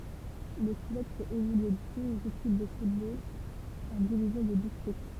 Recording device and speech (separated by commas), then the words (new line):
temple vibration pickup, read sentence
Le club fait évoluer deux équipes de football en divisions de district.